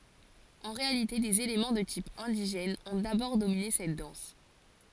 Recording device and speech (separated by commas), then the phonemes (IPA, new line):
forehead accelerometer, read sentence
ɑ̃ ʁealite dez elemɑ̃ də tip ɛ̃diʒɛn ɔ̃ dabɔʁ domine sɛt dɑ̃s